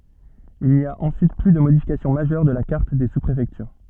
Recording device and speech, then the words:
soft in-ear microphone, read sentence
Il n'y a ensuite plus de modification majeure de la carte des sous-préfectures.

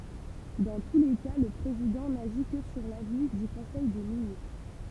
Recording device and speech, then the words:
temple vibration pickup, read sentence
Dans tous les cas, le président n'agit que sur l'avis du conseil des ministres.

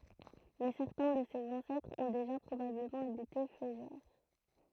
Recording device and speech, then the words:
throat microphone, read sentence
Mais certains de ses ancêtres ont déjà probablement habité Feugères.

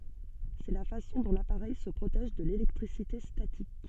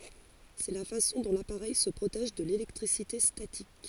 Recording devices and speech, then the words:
soft in-ear microphone, forehead accelerometer, read sentence
C'est la façon dont l'appareil se protège de l'électricité statique.

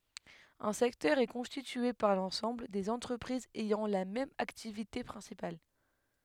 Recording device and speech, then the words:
headset microphone, read sentence
Un secteur est constitué par l'ensemble des entreprises ayant la même activité principale.

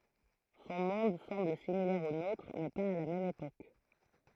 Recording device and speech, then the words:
throat microphone, read sentence
Son monde semble similaire au nôtre, mais pas à la même époque.

